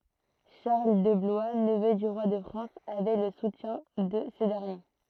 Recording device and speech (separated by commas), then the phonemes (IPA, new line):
throat microphone, read sentence
ʃaʁl də blwa nəvø dy ʁwa də fʁɑ̃s avɛ lə sutjɛ̃ də sə dɛʁnje